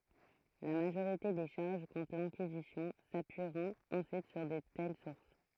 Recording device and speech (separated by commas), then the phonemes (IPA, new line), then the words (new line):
throat microphone, read sentence
la maʒoʁite de ʃaʁʒ kɔ̃tʁ lɛ̃kizisjɔ̃ sapyiʁɔ̃t ɑ̃syit syʁ də tɛl suʁs
La majorité des charges contre l'Inquisition s'appuieront ensuite sur de telles sources.